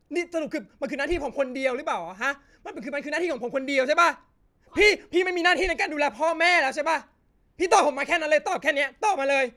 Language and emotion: Thai, angry